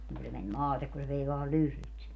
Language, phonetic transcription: Finnish, niŋ ku se 'men "maatek ku se 'vei vaa "lyhlyt sinne .
- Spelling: niin kun se meni maate kun se vei vain lyhdyt sinne

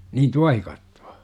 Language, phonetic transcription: Finnish, niin "tuahikattU₍A ?
- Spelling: niin tuohikattoa

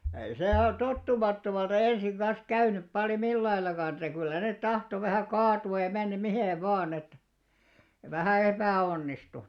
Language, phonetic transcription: Finnish, ei 'se a- 'tottumattomalta "ensiŋ ɢan̬s 'käynyp paljo 'millaillaka että kyllä net 'tahto vähä̀ "kaatu₍aj ja 'mennäm "mihèv̆ "vaan ‿et , vähä̀ 'epä̀₍'onnistu .
- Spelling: ei se - tottumattomalta ensin kanssa käynyt paljon mitenkään että kyllä ne tahtoi vähän kaatua ja mennä miten vain että vähän epäonnistui

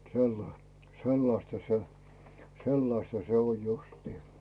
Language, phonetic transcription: Finnish, sella- , 'sellasta se , "sellasta 'se oj 'justii .
- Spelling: - sellaista se sellaista se on justiin

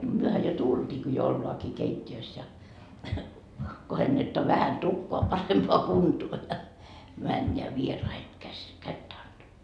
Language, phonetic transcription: Finnish, » 'myöhä jo "tult́iiki jo ollaaki 'keit́t́i₍ös ja , 'kohennettoa vähän 'tukkoa parempoa 'kuntuo ja , 'männeä 'vieraiheŋ käs , 'kättä anDama .
- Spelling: mehän jo tultiinkin jo ollaankin keittiössä ja kohennetaan vähän tukkaa parempaan kuntoon ja mennään vieraiden käsi kättä antamaan

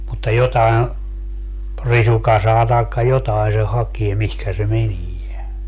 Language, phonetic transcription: Finnish, mutta 'jotai̮n̬ , 'risukasaa tài̮kka "jotai se 'hakie mihkä se 'menie .
- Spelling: mutta jotakin risukasaa tai jotakin se hakee mihin se menee

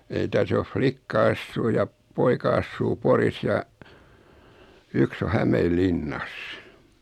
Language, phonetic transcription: Finnish, 'ei tä's ‿of "flikka 'assuu ja , 'poika assuu "Poris ja , 'yks ‿o "Hämeel"linnas .
- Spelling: ei tässä on likka asuu ja poika asuu Porissa ja yksi on Hämeenlinnassa

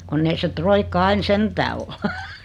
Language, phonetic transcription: Finnish, 'kunn ‿ei se 'troikka ain 'sentää ol .
- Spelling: kun ei se roikka aina sentään ole

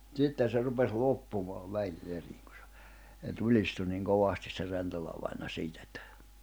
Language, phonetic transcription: Finnish, ja , 'ᵗsitten̬ se 'rupes 'loppumaav 'vähi'n ‿eriŋ kᴜ sᴇ , [s]e 'tulistu niŋ 'kovastis se 'Rentolavaina 'siitä ettᴀ̈ ,.
- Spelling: ja sitten se rupesi loppumaan vähin erin kun se se tulistui niin kovasti se Rentola-vainaja siitä että

